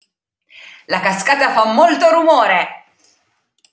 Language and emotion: Italian, happy